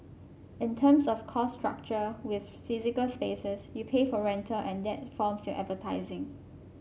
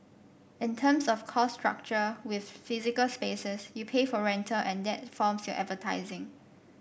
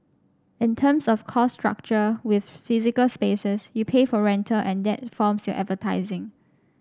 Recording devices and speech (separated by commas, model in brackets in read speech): mobile phone (Samsung C5), boundary microphone (BM630), standing microphone (AKG C214), read sentence